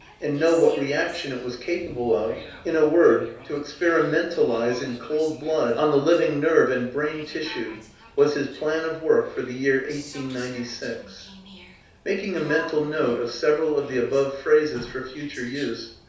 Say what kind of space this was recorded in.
A small room (about 3.7 m by 2.7 m).